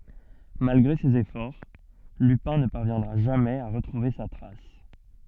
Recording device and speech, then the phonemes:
soft in-ear microphone, read sentence
malɡʁe sez efɔʁ lypɛ̃ nə paʁvjɛ̃dʁa ʒamɛz a ʁətʁuve sa tʁas

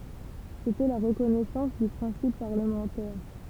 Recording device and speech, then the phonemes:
temple vibration pickup, read sentence
setɛ la ʁəkɔnɛsɑ̃s dy pʁɛ̃sip paʁləmɑ̃tɛʁ

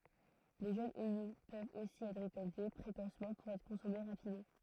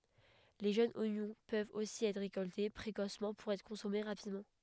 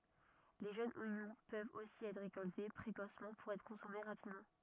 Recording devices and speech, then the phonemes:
throat microphone, headset microphone, rigid in-ear microphone, read sentence
le ʒønz oɲɔ̃ pøvt osi ɛtʁ ʁekɔlte pʁekosmɑ̃ puʁ ɛtʁ kɔ̃sɔme ʁapidmɑ̃

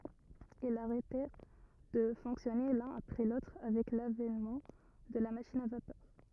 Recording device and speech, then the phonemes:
rigid in-ear microphone, read sentence
ilz aʁɛtɛʁ də fɔ̃ksjɔne lœ̃n apʁɛ lotʁ avɛk lavɛnmɑ̃ də la maʃin a vapœʁ

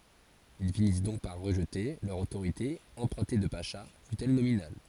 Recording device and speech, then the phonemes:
forehead accelerometer, read sentence
il finis dɔ̃k paʁ ʁəʒte lœʁ otoʁite ɑ̃pʁœ̃te də paʃa fytɛl nominal

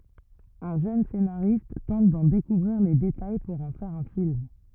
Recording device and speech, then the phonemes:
rigid in-ear microphone, read sentence
œ̃ ʒøn senaʁist tɑ̃t dɑ̃ dekuvʁiʁ le detaj puʁ ɑ̃ fɛʁ œ̃ film

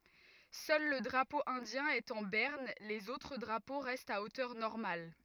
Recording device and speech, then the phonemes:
rigid in-ear microphone, read sentence
sœl lə dʁapo ɛ̃djɛ̃ ɛt ɑ̃ bɛʁn lez otʁ dʁapo ʁɛstt a otœʁ nɔʁmal

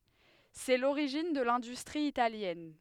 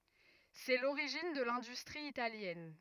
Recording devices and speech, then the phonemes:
headset microphone, rigid in-ear microphone, read sentence
sɛ loʁiʒin də lɛ̃dystʁi italjɛn

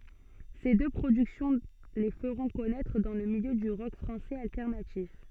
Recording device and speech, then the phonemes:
soft in-ear microphone, read sentence
se dø pʁodyksjɔ̃ le fəʁɔ̃ kɔnɛtʁ dɑ̃ lə miljø dy ʁɔk fʁɑ̃sɛz altɛʁnatif

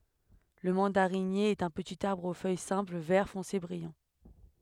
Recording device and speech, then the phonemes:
headset microphone, read sentence
lə mɑ̃daʁinje ɛt œ̃ pətit aʁbʁ o fœj sɛ̃pl vɛʁ fɔ̃se bʁijɑ̃

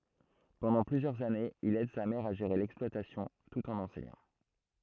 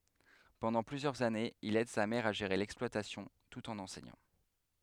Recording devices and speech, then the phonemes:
throat microphone, headset microphone, read sentence
pɑ̃dɑ̃ plyzjœʁz anez il ɛd sa mɛʁ a ʒeʁe lɛksplwatasjɔ̃ tut ɑ̃n ɑ̃sɛɲɑ̃

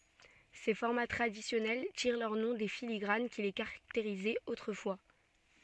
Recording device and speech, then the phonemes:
soft in-ear microphone, read sentence
se fɔʁma tʁadisjɔnɛl tiʁ lœʁ nɔ̃ de filiɡʁan ki le kaʁakteʁizɛt otʁəfwa

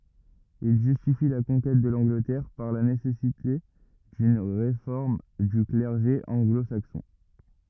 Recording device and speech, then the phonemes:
rigid in-ear microphone, read sentence
il ʒystifi la kɔ̃kɛt də lɑ̃ɡlətɛʁ paʁ la nesɛsite dyn ʁefɔʁm dy klɛʁʒe ɑ̃ɡlo saksɔ̃

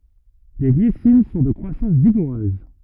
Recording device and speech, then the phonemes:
rigid in-ear microphone, read sentence
le ɡlisin sɔ̃ də kʁwasɑ̃s viɡuʁøz

